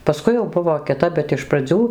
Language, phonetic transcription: Lithuanian, paˈskui jau ˈbuvo kiˈtap bet iš praˈdzių

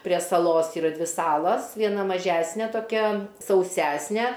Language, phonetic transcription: Lithuanian, prie saˈlos yˈra ˈdvi ˈsalas vieˈna maˈžæsne toˈkia sauˈsæsne

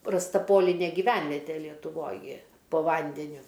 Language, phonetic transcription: Lithuanian, rasˈta ˈpolinė giˈvenvetė lietuˈvoj gi po ˈvandeniu

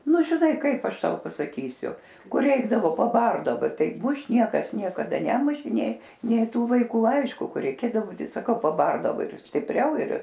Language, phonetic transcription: Lithuanian, ˈnu žiˈnai ˈkaip ˈaš ˈtau pasaˈkysiu ˈkur ˈreikdavo paˈbardava ˈtai ˈmušt ˈniekas niekaˈda ˈnemušė ˈnė nė ˈtų vaiˈkų ˈaišku ˈkai reiˈkėdavo ˈtai saˈkau paˈbardavo ir stipˈriau ir

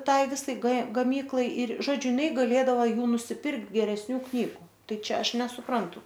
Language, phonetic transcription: Lithuanian, ˈtai ˈvisai g gaˈmyklai ir ˈžodžiu jiˈnai gaˈlėdava ˈjų nusiˈpirkt geresˈnių ˈknygu ˈtai ˈčia ˈaš nesuˈprantu

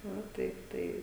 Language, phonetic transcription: Lithuanian, ˈva ˈtaip ˈtai

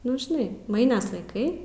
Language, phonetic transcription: Lithuanian, ˈnu žiˈnai ˈmainrs laiˈkai

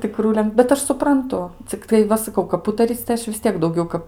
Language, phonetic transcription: Lithuanian, tiˈkrų len bet ˈaš supranˈtu cikˈtai ˈva saˈkau kap ˈūtaryc tai ˈaš vis ˈtiek dauˈgiau kap

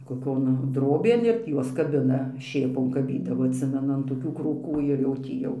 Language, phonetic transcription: Lithuanian, koˈkion ˈdrobėn ir tį ˈjuos kaˈbina ˈšėpon kaˈbydavo atˈsimenu an toˈkių krūˈkų ir jau ˈtį jau

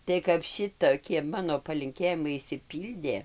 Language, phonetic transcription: Lithuanian, tai kap ˈšitokie ˈmano palinˈkėjimai išsiˈpyldė

